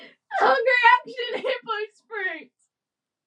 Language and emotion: English, sad